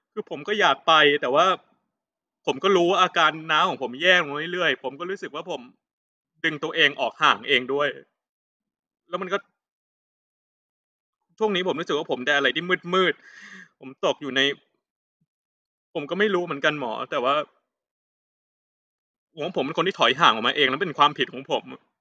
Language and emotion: Thai, sad